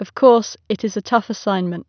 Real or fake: real